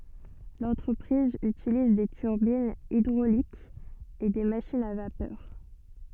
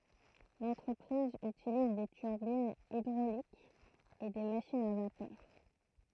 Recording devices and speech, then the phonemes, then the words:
soft in-ear microphone, throat microphone, read sentence
lɑ̃tʁəpʁiz ytiliz de tyʁbinz idʁolikz e de maʃinz a vapœʁ
L'entreprise utilise des turbines hydrauliques et des machines à vapeur.

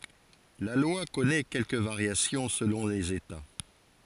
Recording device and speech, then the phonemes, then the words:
forehead accelerometer, read sentence
la lwa kɔnɛ kɛlkə vaʁjasjɔ̃ səlɔ̃ lez eta
La loi connaît quelques variations selon les États.

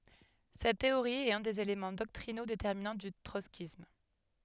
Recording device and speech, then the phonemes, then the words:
headset microphone, read sentence
sɛt teoʁi ɛt œ̃ dez elemɑ̃ dɔktʁino detɛʁminɑ̃ dy tʁɔtskism
Cette théorie est un des éléments doctrinaux déterminants du trotskysme.

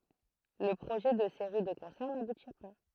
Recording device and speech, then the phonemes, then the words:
throat microphone, read sentence
lə pʁoʒɛ də seʁi də kɔ̃sɛʁ nabuti pa
Le projet de séries de concerts n'aboutit pas.

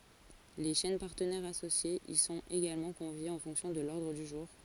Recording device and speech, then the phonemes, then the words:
forehead accelerometer, read sentence
le ʃɛn paʁtənɛʁz asosjez i sɔ̃t eɡalmɑ̃ kɔ̃vjez ɑ̃ fɔ̃ksjɔ̃ də lɔʁdʁ dy ʒuʁ
Les chaînes partenaires associées y sont également conviées en fonction de l'ordre du jour.

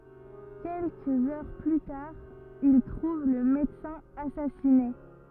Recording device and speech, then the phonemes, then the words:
rigid in-ear microphone, read sentence
kɛlkəz œʁ ply taʁ il tʁuv lə medəsɛ̃ asasine
Quelques heures plus tard, il trouve le médecin assassiné.

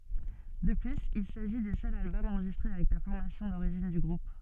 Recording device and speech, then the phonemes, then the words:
soft in-ear microphone, read sentence
də plyz il saʒi dy sœl albɔm ɑ̃ʁʒistʁe avɛk la fɔʁmasjɔ̃ doʁiʒin dy ɡʁup
De plus, il s'agit du seul album enregistré avec la formation d'origine du groupe.

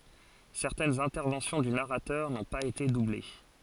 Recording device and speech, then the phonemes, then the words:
forehead accelerometer, read sentence
sɛʁtɛnz ɛ̃tɛʁvɑ̃sjɔ̃ dy naʁatœʁ nɔ̃ paz ete duble
Certaines interventions du narrateur n'ont pas été doublées.

